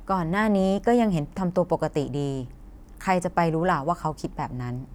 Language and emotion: Thai, neutral